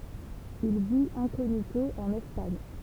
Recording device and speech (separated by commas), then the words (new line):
temple vibration pickup, read sentence
Il vit incognito en Espagne.